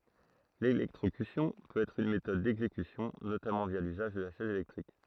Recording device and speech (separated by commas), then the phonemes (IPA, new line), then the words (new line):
throat microphone, read sentence
lelɛktʁokysjɔ̃ pøt ɛtʁ yn metɔd dɛɡzekysjɔ̃ notamɑ̃ vja lyzaʒ də la ʃɛz elɛktʁik
L'électrocution peut être une méthode d'exécution, notamment via l'usage de la chaise électrique.